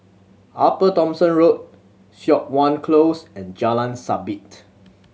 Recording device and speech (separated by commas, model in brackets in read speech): mobile phone (Samsung C7100), read sentence